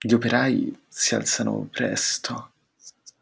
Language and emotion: Italian, disgusted